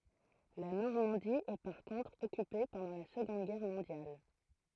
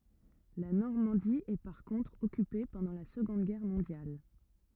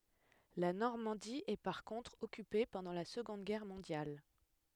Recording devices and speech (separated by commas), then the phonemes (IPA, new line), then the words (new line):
throat microphone, rigid in-ear microphone, headset microphone, read sentence
la nɔʁmɑ̃di ɛ paʁ kɔ̃tʁ ɔkype pɑ̃dɑ̃ la səɡɔ̃d ɡɛʁ mɔ̃djal
La Normandie est par contre occupée pendant la Seconde Guerre mondiale.